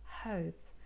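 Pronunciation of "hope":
The h sound at the start of 'hope' is very soft, not harsh.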